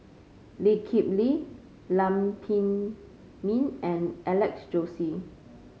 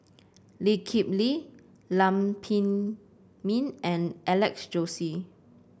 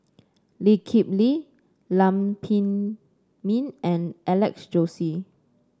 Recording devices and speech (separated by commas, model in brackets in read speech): mobile phone (Samsung C5), boundary microphone (BM630), standing microphone (AKG C214), read sentence